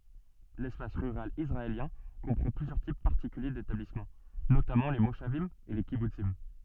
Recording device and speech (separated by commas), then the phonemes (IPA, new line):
soft in-ear microphone, read sentence
lɛspas ʁyʁal isʁaeljɛ̃ kɔ̃pʁɑ̃ plyzjœʁ tip paʁtikylje detablismɑ̃ notamɑ̃ le moʃavim e le kibutsim